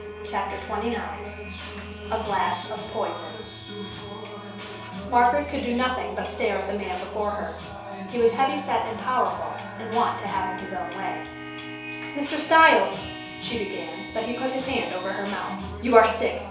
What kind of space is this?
A small space (about 3.7 m by 2.7 m).